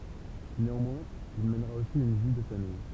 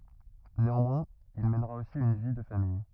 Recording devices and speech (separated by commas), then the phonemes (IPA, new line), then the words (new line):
temple vibration pickup, rigid in-ear microphone, read sentence
neɑ̃mwɛ̃z il mɛnʁa osi yn vi də famij
Néanmoins, il mènera aussi une vie de famille.